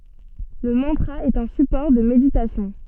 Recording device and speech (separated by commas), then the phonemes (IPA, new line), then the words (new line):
soft in-ear microphone, read sentence
lə mɑ̃tʁa ɛt œ̃ sypɔʁ də meditasjɔ̃
Le mantra est un support de méditation.